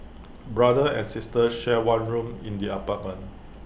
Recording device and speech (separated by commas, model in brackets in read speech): boundary microphone (BM630), read sentence